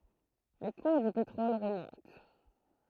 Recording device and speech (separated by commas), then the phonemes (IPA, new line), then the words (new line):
throat microphone, read sentence
le kuʁ dy petʁɔl ʁəmɔ̃t
Les cours du pétrole remontent.